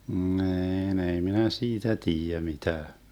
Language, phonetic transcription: Finnish, 'ni̮i̮n ei minä "siitä 'tiijä 'mitää .
- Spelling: niin ei minä siitä tiedä mitään

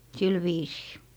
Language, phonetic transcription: Finnish, "sil 'viisii .
- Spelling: sillä viisiin

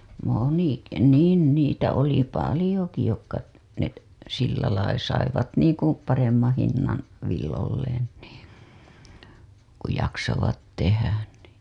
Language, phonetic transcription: Finnish, moniki 'niin niitä oli "palĭjoki jokka , net , sillälai saivat niiŋku 'paremmaa̰ hinnan̬ , villolleen NII , ku jaksovat 'tehän nì .
- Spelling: monikin niin niitä oli paljonkin jotka ne sillä lailla saivat niin kuin paremman hinnan villoilleen niin kun jaksoivat tehdä niin

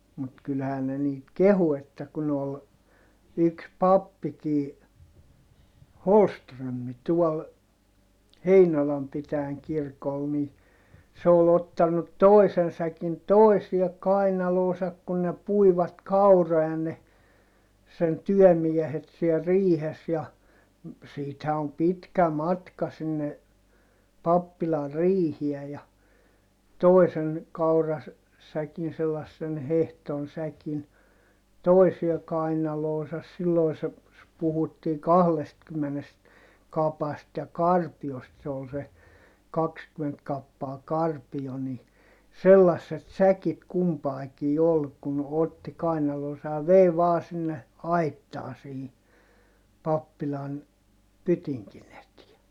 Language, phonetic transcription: Finnish, mut kylhään ne niit kehu että kun ‿ol , yks pappikii , Holströmmi tuɔl , Heinolam pitääŋ kirkol ni , se ‿ol ‿ottannut toi̮sen säkin toisiɛ kainaloosak kun ne puivat kauro₍a ne , sen tyɔ̈̀miehet siel riihes ja , siithä om pitkä matka sinne , pappilar riihiɛ ja , toi̮sen̬ , kaura- , -säkin selassen hehton säkin , toisie kainaloosas silloi se , puhuttii kahlestkymmenest , kapast ja karpi₍ost se ol se , kakskyment kappaa karpijo ni , sellasset säkit kumpaikii ol kun otti kainaloosa ja vei vaa sinne , aittaa sihi , pappilan , pytiŋkin ‿etiɛ .
- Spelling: mutta kyllähän ne niitä kehui että kun oli yksi pappikin Holmström tuolla Heinolan pitäjän kirkolla niin se oli ottanut toisen säkin toiseen kainaloonsa kun ne puivat kauroja ne sen työmiehet siellä riihessä ja siitähän on pitkä matka sinne pappilan riiheen ja toisen - kaurasäkin sellaisen hehdon säkin toisen kainaloonsa silloin se puhuttiin kahdestakymmenestä kapasta ja karpiosta se oli se kaksikymmentä kappaa karpio niin sellaiset säkit kumpaankin oli kun otti kainaloonsa ja vei vain sinne aittaan siihen pappilan pytingin eteen

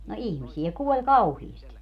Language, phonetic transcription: Finnish, no "ihmisi₍ä 'kuoĺ "kauhiisti .
- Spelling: no ihmisiä kuoli kauheasti

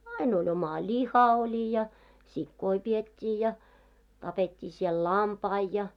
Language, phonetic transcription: Finnish, ain ‿oĺ oma "ĺiha oĺi ja , 'sikkoi 'piet́t́ii ja , 'tapet́t́ii siɛl "lampai ja .
- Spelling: aina oli oma liha oli ja sikoja pidettiin ja tapettiin siellä lampaita ja

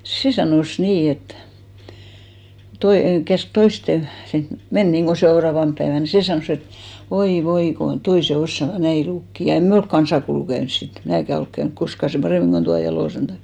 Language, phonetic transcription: Finnish, "se sanòs 'nii et , 'toi- , käsk 'toisten̬ sin , "men niŋɢo 'seoraavamp päevän , "se sanòs ‿et » "oi 'voi kon 'toise "ossava 'näi 'lukki « ja 'en "me olk 'kansakoulu 'käyns sit , 'mnääkä olk käynk "koska 'sèm "parèmiŋ ko tua 'Jalosen Taim .
- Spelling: se sanoi niin että - käski toisten sinne mennä niin kuin seuraavana päivänä se sanoi että oi voi kun toiset osaavat näin lukea ja emme me ole kansakoulua käynyt sitten minäkään ole käynyt koskaan sen paremmin kuin tuo Jalosen Taimi

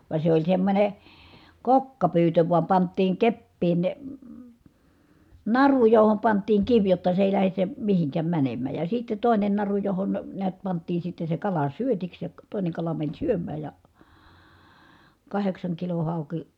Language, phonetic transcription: Finnish, va se oĺ semmońe , kokkapyytö vuam panttiiŋ keppiin , naru johom pant̆tiiŋ kiv jotta se èi̮ lähes se , mihiŋkäm mänemmä̀j ja sitte tòinen naru johon , neät pant̆tii sitte se kala syötiks ja , tòine kala mäń syöm̆määj ja , kaheksaŋkilo hàuki ,.
- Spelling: vaan se oli semmoinen kokkapyytö vain pantiin keppiin naru johon pantiin kivi jotta se ei lähde se mihinkään menemään ja sitten toinen naru johon näet pantiin sitten se kala syötiksi ja toinen kala meni syömään ja kahdeksankilon hauki

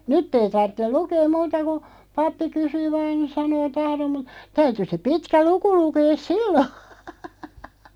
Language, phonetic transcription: Finnish, nytt ‿ei 'tarttel "lukeem 'muuta ku , 'pappi 'kysyy vaan (nin) 'sanoo » "tahrom « mu(t) , 'täyty se 'pitkä "luku 'lukees "sillo .
- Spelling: nyt ei tarvitse lukea muuta kuin pappi kysyy vain niin sanoo tahdon mutta täytyi se pitkä luku lukea silloin

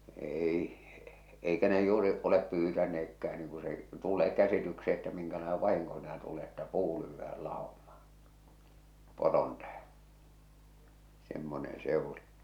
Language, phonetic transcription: Finnish, 'èi , 'eikä ne juuri , olep 'pyytäneekkä₍ä niiŋ ku se , tul̆lee 'käsityksee että miŋkälaene "vahiŋko sɪɪnä tule̳ että "puu lyyvvääl 'làomaaa̰ , 'poron täheḛ , semmonen̬ 'se ‿ᵘli .
- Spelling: ei eikä ne juuri ole pyytäneetkään niin kun se tulee käsitykseen että minkälainen vahinko siinä tulee että puu lyödään laumaan poron tähden semmoinen se oli

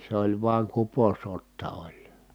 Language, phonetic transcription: Finnish, s ‿oĺ vuaŋ kuposotta oĺ .
- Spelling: se oli vain kuposotta oli

